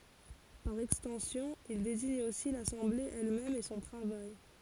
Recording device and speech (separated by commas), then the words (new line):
forehead accelerometer, read sentence
Par extension, il désigne aussi l'assemblée elle-même et son travail.